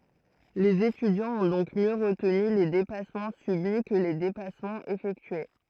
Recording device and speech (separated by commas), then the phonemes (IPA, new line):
throat microphone, read sentence
lez etydjɑ̃z ɔ̃ dɔ̃k mjø ʁətny le depasmɑ̃ sybi kə le depasmɑ̃z efɛktye